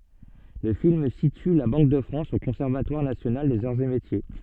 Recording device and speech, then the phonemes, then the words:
soft in-ear microphone, read sentence
lə film sity la bɑ̃k də fʁɑ̃s o kɔ̃sɛʁvatwaʁ nasjonal dez aʁz e metje
Le film situe la Banque de France au Conservatoire national des arts et métiers.

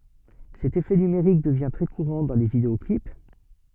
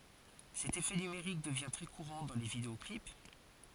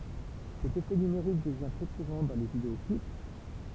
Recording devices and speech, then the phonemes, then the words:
soft in-ear microphone, forehead accelerometer, temple vibration pickup, read sentence
sɛt efɛ nymeʁik dəvjɛ̃ tʁɛ kuʁɑ̃ dɑ̃ le videɔklip
Cet effet numérique devient très courant dans les vidéo-clips.

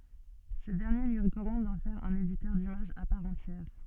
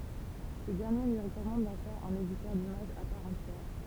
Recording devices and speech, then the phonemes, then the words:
soft in-ear microphone, temple vibration pickup, read sentence
sə dɛʁnje lyi ʁəkɔmɑ̃d dɑ̃ fɛʁ œ̃n editœʁ dimaʒz a paʁ ɑ̃tjɛʁ
Ce dernier lui recommande d'en faire un éditeur d'images à part entière.

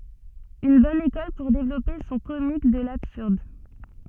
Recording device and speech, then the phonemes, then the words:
soft in-ear microphone, read sentence
yn bɔn ekɔl puʁ devlɔpe sɔ̃ komik də labsyʁd
Une bonne école pour développer son comique de l'absurde.

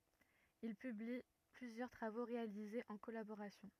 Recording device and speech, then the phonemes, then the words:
rigid in-ear microphone, read sentence
il pybli plyzjœʁ tʁavo ʁealizez ɑ̃ kɔlaboʁasjɔ̃
Ils publient plusieurs travaux réalisés en collaboration.

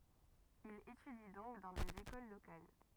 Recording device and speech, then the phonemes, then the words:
rigid in-ear microphone, read sentence
il etydi dɔ̃k dɑ̃ dez ekol lokal
Il étudie donc dans des écoles locales.

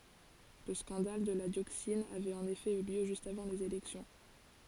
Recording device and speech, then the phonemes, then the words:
forehead accelerometer, read sentence
lə skɑ̃dal də la djoksin avɛt ɑ̃n efɛ y ljø ʒyst avɑ̃ lez elɛksjɔ̃
Le scandale de la dioxine avait en effet eu lieu juste avant les élections.

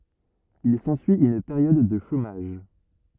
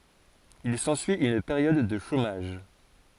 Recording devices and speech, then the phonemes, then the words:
rigid in-ear microphone, forehead accelerometer, read sentence
il sɑ̃syi yn peʁjɔd də ʃomaʒ
Il s'ensuit une période de chômage.

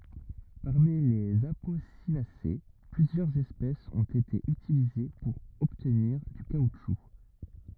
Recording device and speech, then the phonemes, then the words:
rigid in-ear microphone, read sentence
paʁmi lez aposinase plyzjœʁz ɛspɛsz ɔ̃t ete ytilize puʁ ɔbtniʁ dy kautʃu
Parmi les Apocynacées, plusieurs espèces ont été utilisées pour obtenir du caoutchouc.

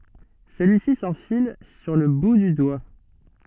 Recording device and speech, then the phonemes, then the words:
soft in-ear microphone, read sentence
səlyisi sɑ̃fil syʁ lə bu dy dwa
Celui-ci s'enfile sur le bout du doigt.

